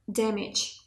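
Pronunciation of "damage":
'Damage' is said with the American pronunciation.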